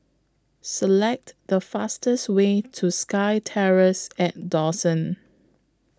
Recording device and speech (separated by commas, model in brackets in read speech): close-talking microphone (WH20), read sentence